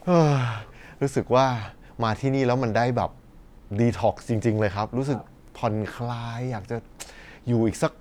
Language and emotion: Thai, happy